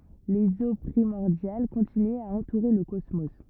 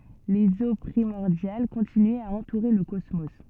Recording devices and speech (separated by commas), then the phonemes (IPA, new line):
rigid in-ear microphone, soft in-ear microphone, read sentence
lez o pʁimɔʁdjal kɔ̃tinyɛt a ɑ̃tuʁe lə kɔsmo